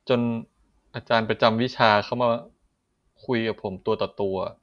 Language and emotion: Thai, frustrated